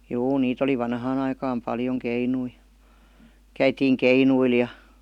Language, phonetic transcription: Finnish, juu 'niit ‿oli 'vanhaan ‿aikaam "paljoŋ 'keinui , 'käitiiŋ "keinuil ja .
- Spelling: juu niitä oli vanhaan aikaan paljon keinuja käytiin keinuilla ja

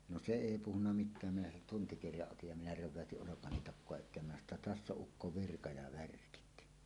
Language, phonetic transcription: Finnish, no "se "èi 'puhunna 'mit̆tääm minä sen tuntikirjaˀ ˀotij ja minä 'räv̆väötiˀ ˀolokani takkoa et̆teem minä sano ‿tta » "täss ‿oˀ "ˀukko "virka ja "värkit « .
- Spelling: no se ei puhunut mitään minä sen tuntikirjan otin ja minä reväytin olkani takaa eteen minä sanoin jotta tässä on ukko virka ja värkit

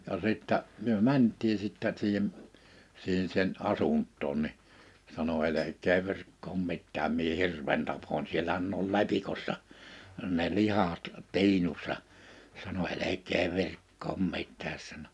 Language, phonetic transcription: Finnish, ja sìttä , 'myö "mänt̆tii sìttä siihem̳ , 'siihen sen '’asunttoon ni , sano » 'elek̆kee 'virkkoom 'mittääm mie "hirven 'tapon 'sielähän n ‿ol "lepikossa , ne 'lihat 'ti̬inussa « , sano » 'elek̆kee 'virkkoom 'mit̆tääs « sano .
- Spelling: ja sitten me mentiin sitten siihen siihen sen asuntoon niin sanoi älkää virkkaa mitään minä hirven tapoin siellähän ne oli lepikossa ne lihat tiinussa sanoi älkää virkkaa mitään sanoi

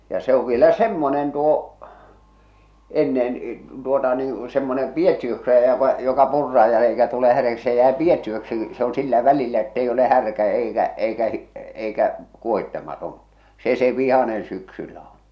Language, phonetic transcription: Finnish, ja se ov vielä "semmonen tuo , ennen , tuota nii , semmonem "piettiöksi jäävä , joka 'purraaj ja eikä tule härjäksi se jäe "piettiöksi , se ‿on 'sillä 'välillä ettei ole 'härkä 'eikä , 'eikä , 'eikä , 'kuohittematon̬ , "se se 'vihanen syksyllä on̬ .
- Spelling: ja se on vielä semmoinen tuo ennen tuota niin semmoinen piettiöksi jäävä joka purraan ja eikä tule häräksi se jää piettiöksi se on sillä välillä että ei ole härkä eikä eikä eikä kuohitsematon se se vihainen syksyllä on

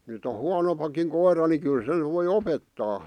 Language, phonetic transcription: Finnish, nyt ‿o "huanompakiŋ 'koira ni 'kyl sen voi "opettaa .
- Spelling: nyt on huonompikin koira niin kyllä sen voi opettaa

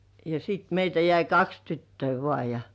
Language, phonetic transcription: Finnish, ja sit 'meitä jäi "kaks 'tyttöi vŏà ja ,.
- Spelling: ja sitten meitä jäi kaksi tyttöä vain ja

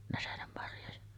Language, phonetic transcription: Finnish, näsenemmarjoja .
- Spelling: näsenenmarjoja

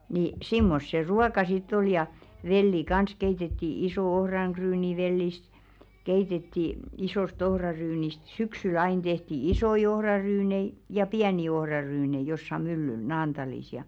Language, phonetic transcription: Finnish, ni , "simmos se "ruaka sit't ‿ol ja , 'velli "kans keitetti 'isò "ohraŋkryynivellist , keitetti , 'isòst 'ohraryynist "syksy'l̬ ‿ain tehti "isoi 'ohraryynei , ja "piäni 'ohrarynei jossa myllyl 'Naantalis ja .
- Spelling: niin semmoista se ruoka sitten oli ja velliä kanssa keitettiin iso ohraryynivellistä keitettiin isoista ohraryyneistä syksyllä aina tehtiin isoja ohraryynejä ja pieniä ohraryynejä jossakin myllyllä Naantalissa ja

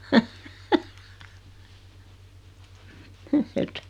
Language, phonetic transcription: Finnish, et ,.
- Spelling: että

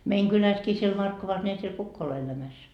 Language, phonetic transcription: Finnish, 'meiŋ 'kyläskii siel 'Markkovas ne ei siel 'kukk ‿ole elämäs .
- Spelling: meidän kylässäkin siellä Markkovassa niin ei siellä kukaan ole elämässä

